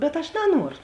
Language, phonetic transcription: Lithuanian, bet aš naˈnuoru

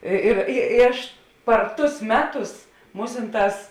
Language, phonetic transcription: Lithuanian, ˈi ir i i ˈaš par ˈtus ˈmeˌtus ˈmūsinˌtās

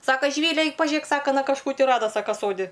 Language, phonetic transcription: Lithuanian, ˈsaka žiˈvyle ˈaik paˈžėk ˈsaka aˈna kažˈkų ti ˈrada ˈsaka ˈsodi

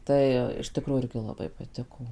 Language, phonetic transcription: Lithuanian, ˈtai iš tiˈkrųjų ˈirgi laˈbai paˈtiko

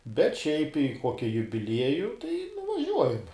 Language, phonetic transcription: Lithuanian, bet ˈšiaip i ˈkoki jubiˈlieju tai nuvaˈžiuojam

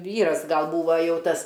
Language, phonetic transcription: Lithuanian, ˈvyras ˈgal ˈbūva ˈjau ˈtas

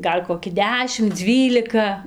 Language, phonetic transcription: Lithuanian, ˈgal' koˈki ˈdešim ˈdzvylika

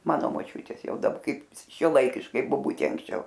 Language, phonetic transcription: Lithuanian, ˈmano moˈčiutės ˈjau daˈba ˈkaip šiuoˈlaikiškai boˈbutė anksˈčiau

